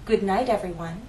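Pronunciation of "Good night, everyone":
The final T in 'night' changes to a flap T before 'everyone'.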